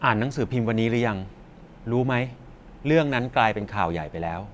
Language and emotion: Thai, neutral